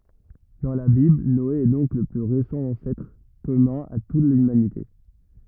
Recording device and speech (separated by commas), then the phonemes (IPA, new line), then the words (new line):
rigid in-ear microphone, read sentence
dɑ̃ la bibl nɔe ɛ dɔ̃k lə ply ʁesɑ̃ ɑ̃sɛtʁ kɔmœ̃ a tut lymanite
Dans la Bible, Noé est donc le plus récent ancêtre commun à toute l'humanité.